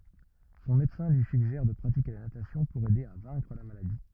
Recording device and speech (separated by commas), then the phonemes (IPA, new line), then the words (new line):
rigid in-ear microphone, read sentence
sɔ̃ medəsɛ̃ lyi syɡʒɛʁ də pʁatike la natasjɔ̃ puʁ ɛde a vɛ̃kʁ la maladi
Son médecin lui suggère de pratiquer la natation pour aider à vaincre la maladie.